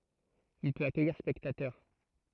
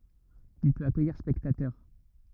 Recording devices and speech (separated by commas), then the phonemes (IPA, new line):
throat microphone, rigid in-ear microphone, read sentence
il pøt akœjiʁ spɛktatœʁ